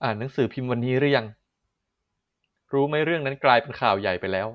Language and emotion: Thai, neutral